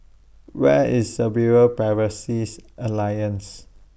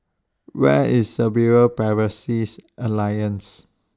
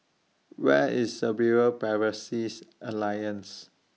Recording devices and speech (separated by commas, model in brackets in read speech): boundary microphone (BM630), standing microphone (AKG C214), mobile phone (iPhone 6), read sentence